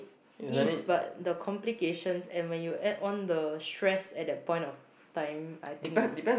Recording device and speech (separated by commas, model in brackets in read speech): boundary microphone, conversation in the same room